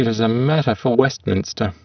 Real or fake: fake